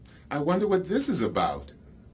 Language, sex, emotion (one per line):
English
male
neutral